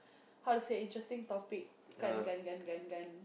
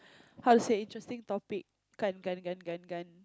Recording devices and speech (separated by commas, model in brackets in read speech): boundary microphone, close-talking microphone, conversation in the same room